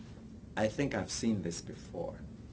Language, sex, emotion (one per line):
English
male
neutral